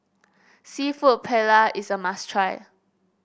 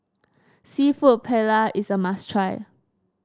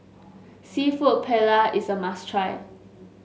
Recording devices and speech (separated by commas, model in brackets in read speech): boundary microphone (BM630), standing microphone (AKG C214), mobile phone (Samsung S8), read sentence